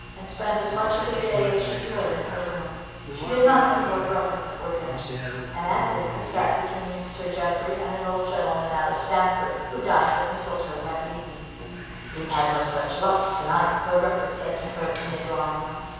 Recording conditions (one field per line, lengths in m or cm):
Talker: one person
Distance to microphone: 7.1 m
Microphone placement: far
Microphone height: 1.7 m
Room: very reverberant, large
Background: television